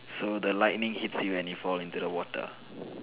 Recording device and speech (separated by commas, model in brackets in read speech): telephone, conversation in separate rooms